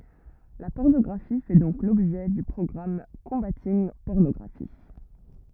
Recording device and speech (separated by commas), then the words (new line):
rigid in-ear microphone, read sentence
La pornographie fait donc l'objet du programme Combating Pornography.